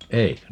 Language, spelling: Finnish, eikö
- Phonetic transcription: "eikö ?

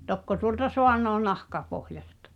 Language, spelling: Finnish, tokko tuolta saanee nahkapohjaista
- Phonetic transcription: 'tokko tuolta "soaǹoo 'nahkapohjastᴀ ?

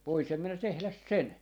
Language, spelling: Finnish, voisin minä tehdä sen
- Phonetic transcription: 'voisim minä 'tehläs "sen .

